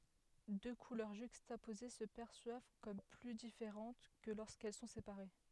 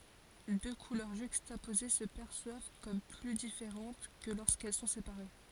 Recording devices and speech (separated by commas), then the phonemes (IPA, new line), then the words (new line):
headset microphone, forehead accelerometer, read sentence
dø kulœʁ ʒykstapoze sə pɛʁswav kɔm ply difeʁɑ̃t kə loʁskɛl sɔ̃ sepaʁe
Deux couleurs juxtaposées se perçoivent comme plus différentes que lorsqu'elles sont séparées.